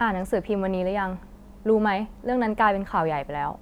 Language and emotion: Thai, frustrated